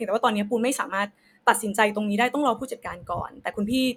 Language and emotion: Thai, frustrated